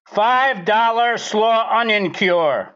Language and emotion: English, surprised